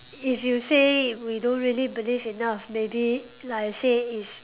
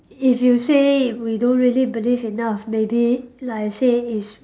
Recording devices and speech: telephone, standing microphone, conversation in separate rooms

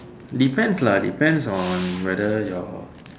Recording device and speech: standing microphone, conversation in separate rooms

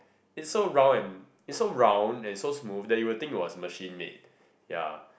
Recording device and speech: boundary microphone, conversation in the same room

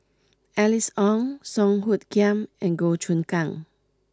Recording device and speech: close-talking microphone (WH20), read sentence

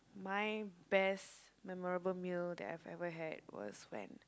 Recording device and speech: close-talking microphone, conversation in the same room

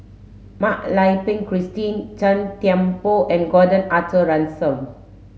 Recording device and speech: mobile phone (Samsung S8), read sentence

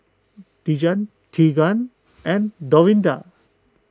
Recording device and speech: close-talking microphone (WH20), read sentence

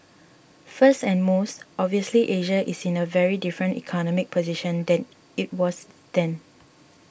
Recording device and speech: boundary microphone (BM630), read sentence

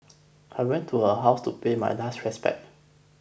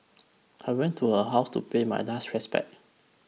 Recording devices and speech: boundary microphone (BM630), mobile phone (iPhone 6), read sentence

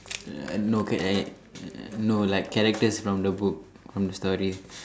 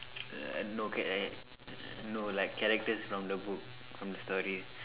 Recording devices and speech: standing microphone, telephone, conversation in separate rooms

